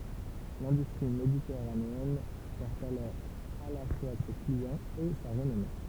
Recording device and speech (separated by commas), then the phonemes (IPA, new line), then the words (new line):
temple vibration pickup, read sentence
lɛ̃dystʁi meditɛʁaneɛn pɛʁ alɔʁ a la fwa se kliɑ̃z e sa ʁənɔme
L’industrie méditerranéenne perd alors à la fois ses clients et sa renommée.